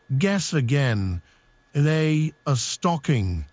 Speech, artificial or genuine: artificial